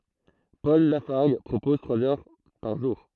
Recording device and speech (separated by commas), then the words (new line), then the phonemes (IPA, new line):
throat microphone, read sentence
Paul Lafargue propose trois heures par jour.
pɔl lafaʁɡ pʁopɔz tʁwaz œʁ paʁ ʒuʁ